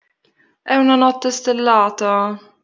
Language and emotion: Italian, sad